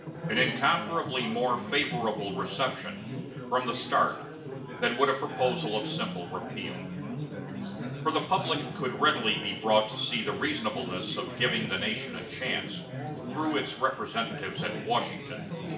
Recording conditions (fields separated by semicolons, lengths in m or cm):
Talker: one person; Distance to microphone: 1.8 m; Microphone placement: close; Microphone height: 1.0 m; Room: large; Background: babble